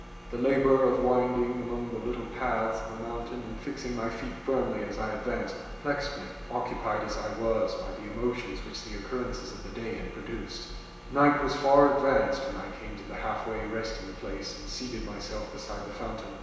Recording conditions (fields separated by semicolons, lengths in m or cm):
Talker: one person; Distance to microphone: 1.7 m; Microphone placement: close; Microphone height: 1.0 m; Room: very reverberant, large; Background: none